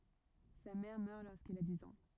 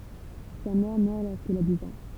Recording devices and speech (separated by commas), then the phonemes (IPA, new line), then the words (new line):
rigid in-ear microphone, temple vibration pickup, read sentence
sa mɛʁ mœʁ loʁskil a diz ɑ̃
Sa mère meurt lorsqu'il a dix ans.